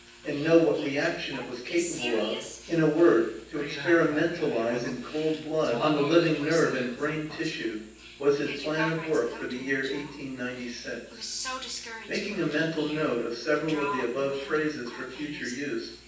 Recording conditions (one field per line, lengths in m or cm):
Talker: one person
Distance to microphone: 9.8 m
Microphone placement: far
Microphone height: 1.8 m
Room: large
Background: television